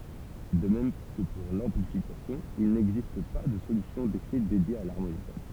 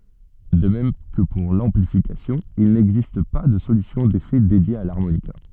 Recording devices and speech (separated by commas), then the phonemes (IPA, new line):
temple vibration pickup, soft in-ear microphone, read sentence
də mɛm kə puʁ lɑ̃plifikasjɔ̃ il nɛɡzist pa də solysjɔ̃ defɛ dedje a laʁmonika